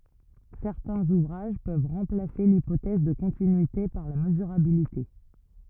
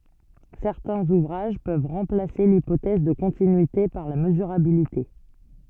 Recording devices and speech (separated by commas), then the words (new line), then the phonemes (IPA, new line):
rigid in-ear microphone, soft in-ear microphone, read sentence
Certains ouvrages peuvent remplacer l'hypothèse de continuité par la mesurabilité.
sɛʁtɛ̃z uvʁaʒ pøv ʁɑ̃plase lipotɛz də kɔ̃tinyite paʁ la məzyʁabilite